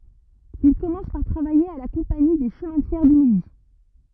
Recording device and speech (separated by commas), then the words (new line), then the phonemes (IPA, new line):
rigid in-ear microphone, read sentence
Il commence par travailler à la Compagnie des chemins de fer du Midi.
il kɔmɑ̃s paʁ tʁavaje a la kɔ̃pani de ʃəmɛ̃ də fɛʁ dy midi